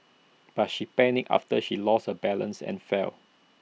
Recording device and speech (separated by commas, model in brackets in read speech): mobile phone (iPhone 6), read sentence